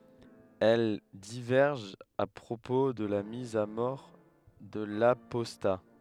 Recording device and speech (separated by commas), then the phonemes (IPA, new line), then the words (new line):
headset microphone, read sentence
ɛl divɛʁʒt a pʁopo də la miz a mɔʁ də lapɔsta
Elles divergent à propos de la mise à mort de l'apostat.